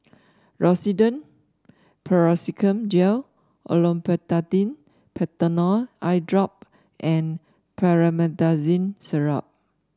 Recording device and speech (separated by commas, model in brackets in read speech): standing microphone (AKG C214), read sentence